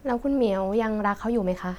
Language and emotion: Thai, neutral